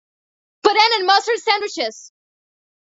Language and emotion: English, surprised